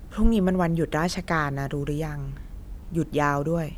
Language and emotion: Thai, neutral